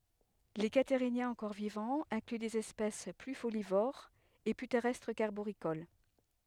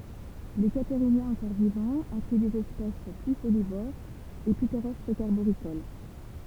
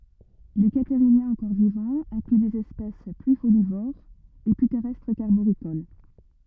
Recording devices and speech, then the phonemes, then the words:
headset microphone, temple vibration pickup, rigid in-ear microphone, read sentence
le kataʁinjɛ̃z ɑ̃kɔʁ vivɑ̃z ɛ̃kly dez ɛspɛs ply folivoʁz e ply tɛʁɛstʁ kaʁboʁikol
Les Catarhiniens encore vivants incluent des espèces plus folivores et plus terrestres qu'arboricoles.

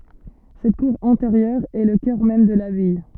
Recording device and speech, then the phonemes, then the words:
soft in-ear microphone, read sentence
sɛt kuʁ ɛ̃teʁjœʁ ɛ lə kœʁ mɛm də labaj
Cette cour intérieure est le cœur même de l’abbaye.

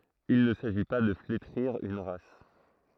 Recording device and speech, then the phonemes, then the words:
throat microphone, read sentence
il nə saʒi pa də fletʁiʁ yn ʁas
Il ne s'agit pas de flétrir une race.

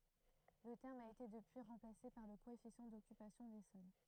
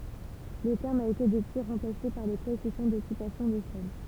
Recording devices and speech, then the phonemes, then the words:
throat microphone, temple vibration pickup, read sentence
lə tɛʁm a ete dəpyi ʁɑ̃plase paʁ lə koɛfisjɑ̃ dɔkypasjɔ̃ de sɔl
Le terme a été depuis remplacé par le coefficient d'occupation des sols.

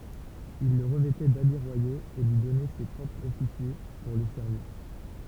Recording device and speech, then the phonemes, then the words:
temple vibration pickup, read sentence
il lə ʁəvɛtɛ dabi ʁwajoz e lyi dɔnɛ se pʁɔpʁz ɔfisje puʁ lə sɛʁviʁ
Il le revêtait d’habits royaux et lui donnait ses propres officiers pour le servir.

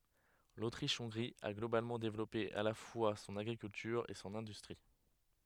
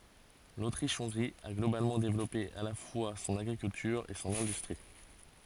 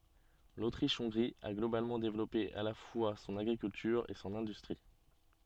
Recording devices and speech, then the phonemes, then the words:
headset microphone, forehead accelerometer, soft in-ear microphone, read sentence
lotʁiʃ ɔ̃ɡʁi a ɡlobalmɑ̃ devlɔpe a la fwa sɔ̃n aɡʁikyltyʁ e sɔ̃n ɛ̃dystʁi
L'Autriche-Hongrie a globalement développé à la fois son agriculture et son industrie.

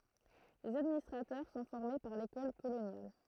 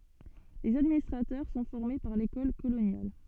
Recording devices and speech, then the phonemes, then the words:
throat microphone, soft in-ear microphone, read sentence
lez administʁatœʁ sɔ̃ fɔʁme paʁ lekɔl kolonjal
Les administrateurs sont formés par l'École coloniale.

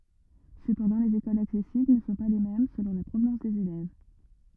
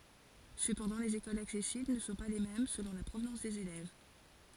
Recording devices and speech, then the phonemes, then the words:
rigid in-ear microphone, forehead accelerometer, read sentence
səpɑ̃dɑ̃ lez ekolz aksɛsibl nə sɔ̃ pa le mɛm səlɔ̃ la pʁovnɑ̃s dez elɛv
Cependant, les écoles accessibles ne sont pas les mêmes selon la provenance des élèves.

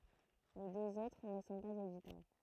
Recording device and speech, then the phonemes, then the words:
throat microphone, read sentence
le døz otʁ nə sɔ̃ paz oditabl
Les deux autres ne sont pas auditables.

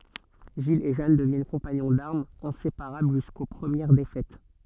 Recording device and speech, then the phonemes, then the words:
soft in-ear microphone, read sentence
ʒil e ʒan dəvjɛn kɔ̃paɲɔ̃ daʁmz ɛ̃sepaʁabl ʒysko pʁəmjɛʁ defɛt
Gilles et Jeanne deviennent compagnons d'armes, inséparables jusqu'aux premières défaites.

